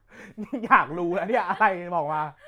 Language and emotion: Thai, happy